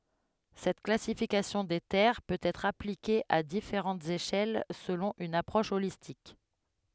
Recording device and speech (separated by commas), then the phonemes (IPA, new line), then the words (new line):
headset microphone, read sentence
sɛt klasifikasjɔ̃ de tɛʁ pøt ɛtʁ aplike a difeʁɑ̃tz eʃɛl səlɔ̃ yn apʁɔʃ olistik
Cette classification des terres peut être appliquée à différentes échelles selon une approche holistique.